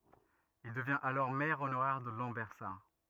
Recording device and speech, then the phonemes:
rigid in-ear microphone, read sentence
il dəvjɛ̃t alɔʁ mɛʁ onoʁɛʁ də lɑ̃bɛʁsaʁ

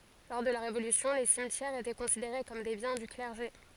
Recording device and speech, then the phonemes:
forehead accelerometer, read sentence
lɔʁ də la ʁevolysjɔ̃ le simtjɛʁz etɛ kɔ̃sideʁe kɔm de bjɛ̃ dy klɛʁʒe

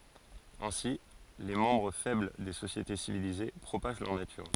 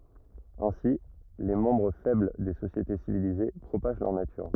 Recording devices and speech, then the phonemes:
forehead accelerometer, rigid in-ear microphone, read sentence
ɛ̃si le mɑ̃bʁ fɛbl de sosjete sivilize pʁopaʒ lœʁ natyʁ

